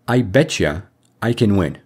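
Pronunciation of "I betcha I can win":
This is the assimilated pronunciation of 'I bet you I can win': the t at the end of 'bet' and the y sound at the start of 'you' assimilate, so 'bet you' sounds like 'betcha'.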